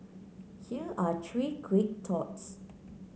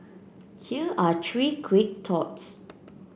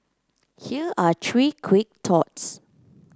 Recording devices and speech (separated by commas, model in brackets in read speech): mobile phone (Samsung C9), boundary microphone (BM630), close-talking microphone (WH30), read sentence